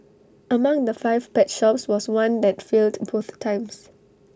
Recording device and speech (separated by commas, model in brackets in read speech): standing microphone (AKG C214), read sentence